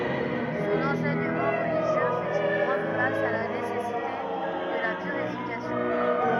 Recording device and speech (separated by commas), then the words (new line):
rigid in-ear microphone, read sentence
Son enseignement religieux fait une grande place à la nécessité de la purification.